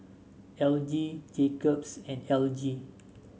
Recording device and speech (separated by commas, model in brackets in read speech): mobile phone (Samsung S8), read sentence